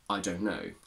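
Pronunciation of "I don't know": In 'I don't know', 'don't' is reduced to 'dun', not said with the full diphthong O.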